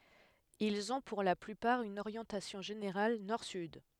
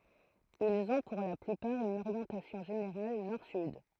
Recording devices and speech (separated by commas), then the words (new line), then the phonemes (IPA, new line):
headset microphone, throat microphone, read sentence
Ils ont pour la plupart une orientation générale nord-sud.
ilz ɔ̃ puʁ la plypaʁ yn oʁjɑ̃tasjɔ̃ ʒeneʁal nɔʁ syd